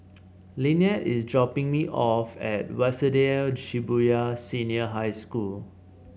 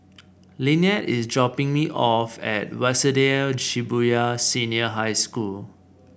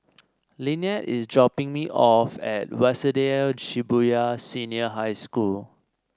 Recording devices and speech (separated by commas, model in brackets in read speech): mobile phone (Samsung C7), boundary microphone (BM630), standing microphone (AKG C214), read sentence